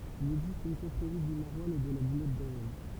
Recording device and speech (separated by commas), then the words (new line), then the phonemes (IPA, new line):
temple vibration pickup, read sentence
Il existe une confrérie du maroilles et de la boulette d'Avesnes.
il ɛɡzist yn kɔ̃fʁeʁi dy maʁwalz e də la bulɛt davɛsn